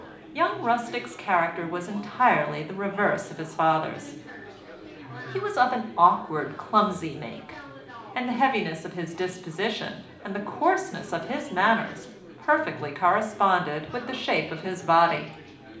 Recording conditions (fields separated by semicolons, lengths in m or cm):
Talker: one person; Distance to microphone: 2.0 m; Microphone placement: close; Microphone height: 99 cm; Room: medium-sized (5.7 m by 4.0 m); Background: babble